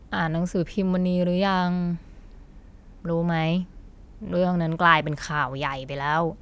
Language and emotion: Thai, frustrated